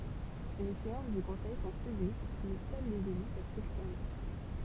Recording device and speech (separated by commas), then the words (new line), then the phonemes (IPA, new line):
temple vibration pickup, read sentence
Les séances du conseil sont publiques mais seuls les élus peuvent s’exprimer.
le seɑ̃s dy kɔ̃sɛj sɔ̃ pyblik mɛ sœl lez ely pøv sɛkspʁime